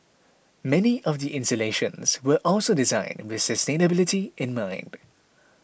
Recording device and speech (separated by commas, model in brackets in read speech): boundary microphone (BM630), read sentence